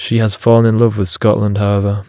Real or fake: real